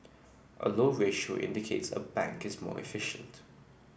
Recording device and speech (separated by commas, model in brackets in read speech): boundary microphone (BM630), read sentence